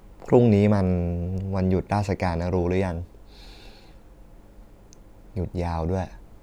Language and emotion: Thai, neutral